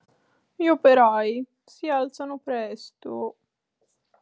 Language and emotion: Italian, sad